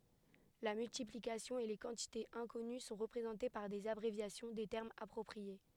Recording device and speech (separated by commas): headset microphone, read sentence